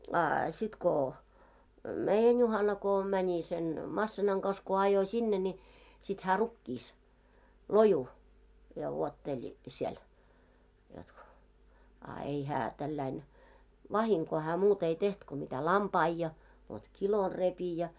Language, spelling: Finnish, a sitten kun meidän Juhana kun meni sen masiinan kanssa kun ajoi sinne niin sitten hän rukiissa lojui ja vuotteli siellä jotta kun a ei hän tällä lailla vahinkoa hän muuta ei tehnyt kuin mitä lampaita ja vot kilon repi ja
- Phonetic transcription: a , sit ko , "meijän "Juhana ko , mäńi sen , 'massinaŋ kas ko ajo 'śinne ńi , sit hää 'rukkiis , 'loju , ja wuotteĺⁱ , 'siel , jot ko. , a ei 'hää , tälläin , "vahiŋkoo hää 'muut ‿ei 'teht ko mitä "lampai ja , vot "kilor 'repi ja .

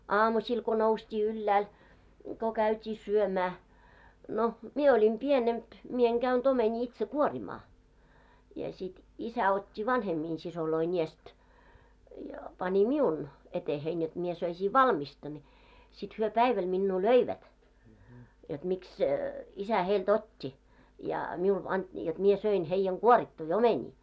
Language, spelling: Finnish, aamusilla kun noustiin ylhäälle kun käytiin syömään no minä olin pienempi minä en käynyt omenia itse kuorimaan ja sitten isä otti vanhempien siskojen edestä ja pani minun eteeni jotta minä söisin valmista niin sitten he päivällä minua löivät jotta miksi isä heiltä otti ja minulle - jotta minä söin heidän kuorittuja omenia
- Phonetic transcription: aamuśil ko 'noust́ii yllääl , ko 'käyt́ii "syömää , no 'mie oĺim "pienemp , 'mie eŋ 'ɢäyn't ‿omeńii itse 'kuorimaa , ja sit , 'isä ot́t́i "vanhemmin 'sisoloin ‿iest , ja pańi "miun , etehein jot mie 'söisii "valmista ńi , sit hyö "päiväl minnuu "löivät , jot miks , isä 'heil"t ‿ot́t́i , ja 'miul ant- , jot 'mie 'söin heⁱjjɛŋ "ɢuorittui "omeńii .

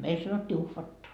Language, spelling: Finnish, meillä sanottiin uhvatta
- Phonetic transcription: 'meil sanottii 'uhvatta .

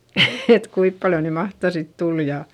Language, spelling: Finnish, että kuinka paljon nyt mahtaa sitten tulla ja
- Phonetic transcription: et kuip paljo ny mahta sit tul ja ,.

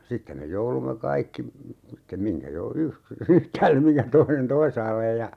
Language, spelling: Finnish, sitten me jouduimme kaikki sitten mihinkä - yksi yhtäälle mihinkä toinen toisaalle ja
- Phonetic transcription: 'sittem me 'joulumme 'kaikki , sittem 'miŋkä jo - yk(s) , "yhtäällem miŋkä 'toinen "toisaallej ja ,.

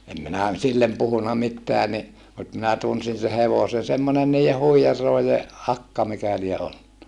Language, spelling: Finnish, en minä sille puhunut mitään niin mutta minä tunsin sen hevosen semmoinen niiden huijarien akka mikä lie ollut
- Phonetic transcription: em minä , sillem puhuna mitteä ni , mut minä tunsin se hevosen̬ semmone niije huijarlòije , akka mikä lie ollu(nna) .

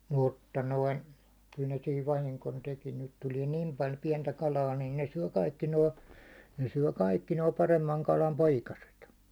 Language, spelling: Finnish, mutta noin kyllä ne siinä vahingon teki nyt tulee niin paljon pientä kalaa niin ne syö kaikki nuo ne syö kaikki nuo paremman kalan poikaset
- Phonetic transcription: 'mutta 'noin̬ , kyl ne siiv 'vahiŋkon 'teki nyt 'tulie "nim paĺ 'piɛntä 'kalaa , nin ne 'syö 'kaikki 'noo , ne syö 'kaikki noo 'paremmaŋ 'kalam "poikaset .

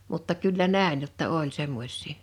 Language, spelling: Finnish, mutta kyllä näin jotta oli semmoisia
- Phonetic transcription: mutta 'kyllä "nä̀ḙn jotta "oĺ 'semmoś̀ii .

